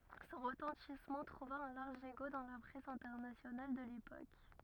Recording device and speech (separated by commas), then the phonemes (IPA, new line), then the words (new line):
rigid in-ear microphone, read sentence
sɔ̃ ʁətɑ̃tismɑ̃ tʁuva œ̃ laʁʒ eko dɑ̃ la pʁɛs ɛ̃tɛʁnasjonal də lepok
Son retentissement trouva un large écho dans la presse internationale de l'époque.